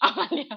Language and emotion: Thai, happy